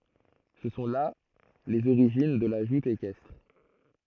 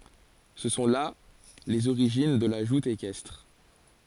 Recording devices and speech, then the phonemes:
throat microphone, forehead accelerometer, read sentence
sə sɔ̃ la lez oʁiʒin də la ʒut ekɛstʁ

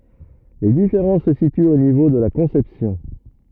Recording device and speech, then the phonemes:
rigid in-ear microphone, read sentence
le difeʁɑ̃s sə sityt o nivo də la kɔ̃sɛpsjɔ̃

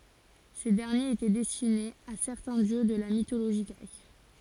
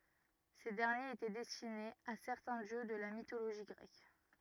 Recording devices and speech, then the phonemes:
forehead accelerometer, rigid in-ear microphone, read sentence
se dɛʁnjez etɛ dɛstinez a sɛʁtɛ̃ djø də la mitoloʒi ɡʁɛk

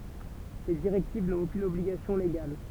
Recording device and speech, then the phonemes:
temple vibration pickup, read sentence
se diʁɛktiv nɔ̃t okyn ɔbliɡasjɔ̃ leɡal

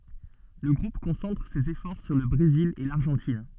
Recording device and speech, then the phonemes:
soft in-ear microphone, read sentence
lə ɡʁup kɔ̃sɑ̃tʁ sez efɔʁ syʁ lə bʁezil e laʁʒɑ̃tin

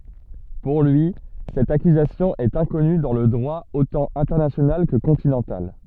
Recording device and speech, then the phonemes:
soft in-ear microphone, read sentence
puʁ lyi sɛt akyzasjɔ̃ ɛt ɛ̃kɔny dɑ̃ lə dʁwa otɑ̃ ɛ̃tɛʁnasjonal kə kɔ̃tinɑ̃tal

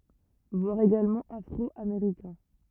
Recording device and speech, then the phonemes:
rigid in-ear microphone, read sentence
vwaʁ eɡalmɑ̃ afʁɔameʁikɛ̃

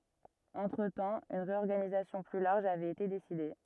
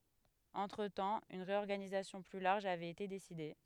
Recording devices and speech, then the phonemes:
rigid in-ear microphone, headset microphone, read sentence
ɑ̃tʁətɑ̃ yn ʁeɔʁɡanizasjɔ̃ ply laʁʒ avɛt ete deside

